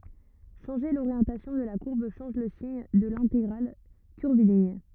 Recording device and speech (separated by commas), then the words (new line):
rigid in-ear microphone, read sentence
Changer l'orientation de la courbe change le signe de l'intégrale curviligne.